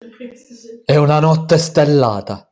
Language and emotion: Italian, neutral